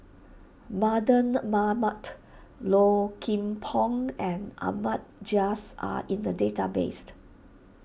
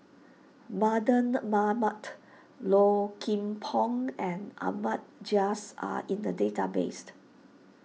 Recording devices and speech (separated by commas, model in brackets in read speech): boundary microphone (BM630), mobile phone (iPhone 6), read sentence